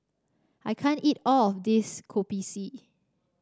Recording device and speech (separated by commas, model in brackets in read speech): standing microphone (AKG C214), read sentence